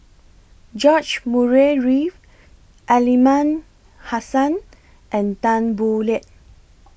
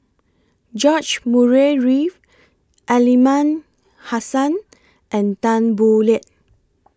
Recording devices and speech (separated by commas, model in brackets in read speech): boundary microphone (BM630), close-talking microphone (WH20), read sentence